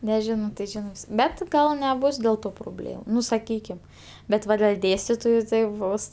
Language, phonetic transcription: Lithuanian, neˈžino tai ˈžinɜ ˈbet ˈgal neˈbus dėl ˈto proˈblėm ˈnu saˈkykim ˈbet ˈva del' ˈdėstitoju tai ˈbus

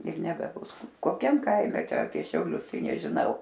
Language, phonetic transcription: Lithuanian, ir nebeˈbus koˈkiam ˈkaime apie šiauˈlius ˈtai nežiˈnau

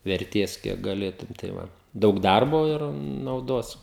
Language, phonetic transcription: Lithuanian, verˈtės ˈkiek gaˈlėtum tai ˈva ˈdaug ˈdarbo ir nauˈdos

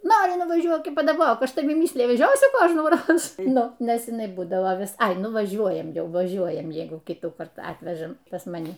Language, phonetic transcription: Lithuanian, ˈnori nuvaˈžiuok y padaˈbok ˈaš taˈvi ˈmysliji vˈežiosiu ˈkožnųˌroz ˈnu ˈnes iˈnai ˈbūdavo ˈvis ˈai ˈnu vaˈžiuojam ˈjau vaˈžiuojam ˈjeigu ˈkytųkart ˈatvežam pas maˈni

